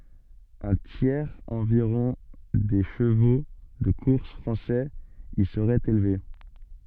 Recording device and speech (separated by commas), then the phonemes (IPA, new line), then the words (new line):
soft in-ear microphone, read sentence
œ̃ tjɛʁz ɑ̃viʁɔ̃ de ʃəvo də kuʁs fʁɑ̃sɛz i səʁɛt elve
Un tiers environ des chevaux de course français y serait élevé.